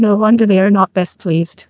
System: TTS, neural waveform model